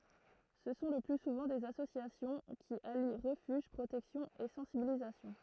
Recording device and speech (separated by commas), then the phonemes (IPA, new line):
throat microphone, read sentence
sə sɔ̃ lə ply suvɑ̃ dez asosjasjɔ̃ ki ali ʁəfyʒ pʁotɛksjɔ̃ e sɑ̃sibilizasjɔ̃